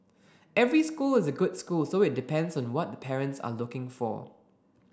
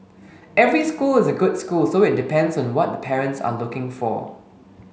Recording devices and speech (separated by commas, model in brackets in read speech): standing microphone (AKG C214), mobile phone (Samsung S8), read sentence